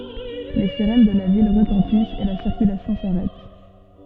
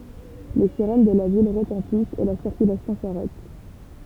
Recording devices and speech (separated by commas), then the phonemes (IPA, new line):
soft in-ear microphone, temple vibration pickup, read sentence
le siʁɛn də la vil ʁətɑ̃tist e la siʁkylasjɔ̃ saʁɛt